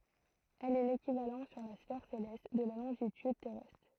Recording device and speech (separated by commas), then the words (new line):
throat microphone, read sentence
Elle est l'équivalent sur la sphère céleste de la longitude terrestre.